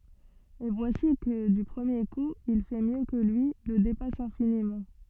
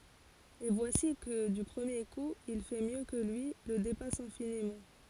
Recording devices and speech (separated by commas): soft in-ear microphone, forehead accelerometer, read sentence